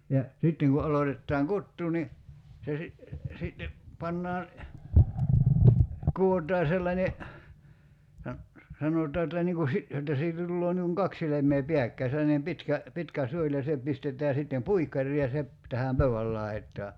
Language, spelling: Finnish, ja sitten kun aloitetaan kutoa niin se - sitten pannaan kudotaan sellainen sanotaan että niin kuin - jotta siitä tulee niin kuin kaksi silmää pääkkäin sellainen pitkä pitkä suoli ja se pistetään sitten puikkariin ja se - tähän pöydän laitaan
- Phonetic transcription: ja , 'sitteŋ ku '’alotettaaŋ "kuttuu ni , se si- , sitte , 'pannaa , 'ku₍ot̀aa 'sellańe , 'sanotaa että niiŋ ku 'si- , jotta 'siitä tulloo niiŋ kuŋ "kak silem̀ee 'piäkkäi sellanem 'pitkä , 'pitkä "suoĺ ja 'se pistet̀ää sittem "puikkar̀ii ja se ‿p- , 'tähäm "pöy₍äl lai̬t̆taa .

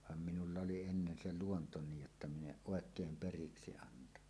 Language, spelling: Finnish, vaan minulla oli ennen se luonto niin jotta minä en oikein periksi antanut
- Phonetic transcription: vam minulla oli ennen "se "luonto 'niij jotta "min ‿eˀ "ˀòekeem "periksi 'antanu .

